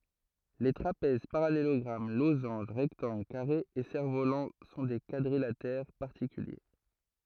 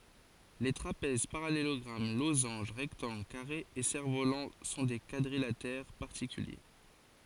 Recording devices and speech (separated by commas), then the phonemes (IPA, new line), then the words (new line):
throat microphone, forehead accelerometer, read sentence
le tʁapɛz paʁalelɔɡʁam lozɑ̃ʒ ʁɛktɑ̃ɡl kaʁez e sɛʁ volɑ̃ sɔ̃ de kwadʁilatɛʁ paʁtikylje
Les trapèzes, parallélogrammes, losanges, rectangles, carrés et cerfs-volants sont des quadrilatères particuliers.